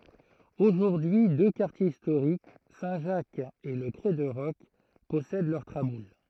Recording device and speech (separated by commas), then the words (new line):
throat microphone, read sentence
Aujourd'hui deux quartiers historiques, Saint Jacques et le Crêt de Roc, possèdent leurs traboules.